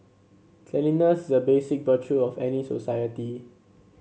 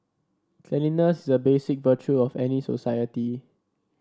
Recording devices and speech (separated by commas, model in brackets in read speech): mobile phone (Samsung C7), standing microphone (AKG C214), read sentence